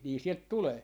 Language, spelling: Finnish, niin sieltä tulee
- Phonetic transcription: 'nii 'sielt "tulee .

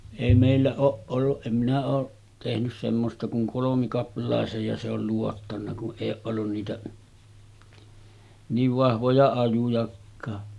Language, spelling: Finnish, ei meillä ole ollut en minä ole tehnyt semmoista kun kolmikaplaisen ja se oli luottanut kun ei ole ollut niitä niin vahvoja ajojakaan
- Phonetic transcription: èi mèillä 'ooˀ ˀolluˀ 'ˀem minä oo , tehnys semmosta kuŋ 'kolomikapl̀àesej ja se ‿ol luottanna kuˀ 'ˀèij ‿ooˀ ˀollun niitä , 'niiv 'vahvoja ajujakkaa .

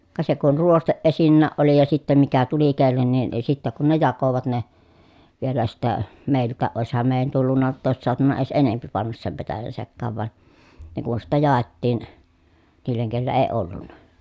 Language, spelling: Finnish, ka se kun ruoste esinnäkin oli ja sitten mikä tuli kenellekin niin sitten kun ne jakoivat ne vielä sitten meiltäkin olisihan meidän tullut jotta olisi saatu edes enempi panna sen petäjän sekaan vaan ne kun sitten jaettiin niille kenellä ei ollut
- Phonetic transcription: ka se kun ruosteʼ ʼesinnääʼ ʼoli ja sittem mikä tuli kellennin , ni sittä kun ne jakovat ne , vielä sittä , mèilt̆tää ʼòesham mèi̮jän tullunna [j]otta òes soatuna ies enempi pannas sem petäjän sekkaav van , ne kun sittä jàettiin , niil̀eŋ kellä ee ollunna .

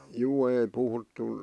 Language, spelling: Finnish, juu ei puhuttu
- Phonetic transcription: 'juu 'ei puhuttu ,.

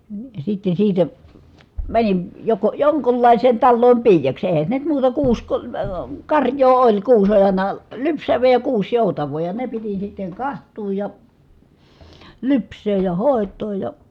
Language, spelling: Finnish, sitten siitä menin joko jonkunlaiseen taloon piiaksi eihän se nyt muuta kuusi - - karjaa oli kuusi oli aina lypsävää ja kuusi joutavaa ja ne piti sitten katsoa ja lypsää ja hoitaa ja
- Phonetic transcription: sitten̬ siitä , mänin , joko , joŋkullài̮seen talloom piijaks èhä se nyt muuta kuus ko- , əə , karj̀oo oĺ , kuus oĺ ài̮na , lypsäv̀ee ja kuus jòutav̀oo ja ne piti sitteŋ kaht̀uuj ja , lyps̀eej ja hòet̀ooj ja ,.

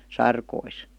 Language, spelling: Finnish, sarkoihin
- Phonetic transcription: sarkois .

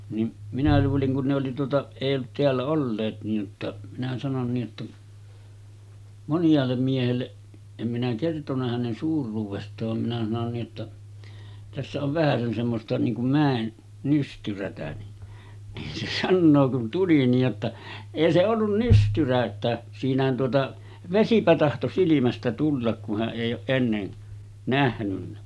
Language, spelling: Finnish, niin minä luulin kun ne oli tuota ei ollut täällä olleet niin jotta minä sanoin niin että moniaalle miehelle en minä kertonut hänen suuruudestaan vaan minä sanoin niin että tässä on vähäsen semmoista niin kuin mäen nystyrää niin niin se sanoo kun tuli niin jotta ei se ollut nystyrä että siinähän tuota vesipä tahtoi silmästä tulla kun hän ei ole ennen nähnyt
- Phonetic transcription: nim minä 'luuliŋ kun ne oli tuota , èij ‿ollut 'teällä 'olleet niij jotta , minä sanon nii ’että 'monj̀aallem 'miehelle , em minä kertoǹa hänen 'suur̆ruuvest̀aav vam minä sanon nii ’että , » tässä ov 'vähäsen semmosta niiŋ kum 'mä̀en 'nystyrätä « ni , nin se 'sannoo kun tuli niij jotta , » 'èi se ollun 'nystyrä että , 'siinähän tuota , 'vesipä tahto silimästä tullak ku hä’ ’èij̆j ‿ooˀ 'ˀennen , nähnynnä « .

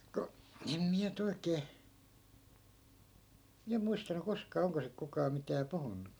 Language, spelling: Finnish, kun en minä nyt oikein minä muistanut koskaan onko sitten kukaan mitään puhunut
- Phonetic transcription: ku , em 'miä ny't ‿oikee , miä 'muistanu 'koskaa 'oŋko sik 'kukaa 'mitää "puhunnu .

